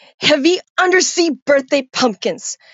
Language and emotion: English, angry